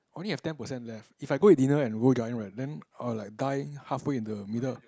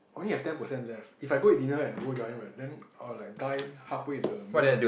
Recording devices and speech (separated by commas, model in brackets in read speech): close-talking microphone, boundary microphone, conversation in the same room